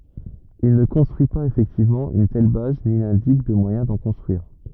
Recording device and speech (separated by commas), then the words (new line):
rigid in-ear microphone, read sentence
Il ne construit pas effectivement une telle base ni n'indique de moyen d'en construire.